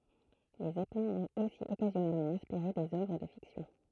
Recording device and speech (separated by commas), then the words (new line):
throat microphone, read sentence
Les zeppelins ont aussi occasionnellement inspiré des œuvres de fiction.